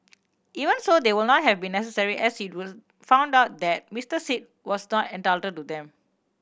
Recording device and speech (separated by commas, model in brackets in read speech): boundary microphone (BM630), read sentence